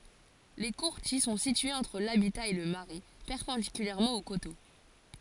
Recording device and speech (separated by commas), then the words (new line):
forehead accelerometer, read sentence
Les courtils sont situés entre l'habitat et le marais, perpendiculairement au coteau.